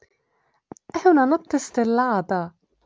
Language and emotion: Italian, surprised